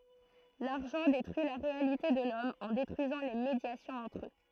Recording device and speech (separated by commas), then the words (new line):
throat microphone, read sentence
L'argent détruit la réalité de l'Homme en détruisant les médiations entre eux.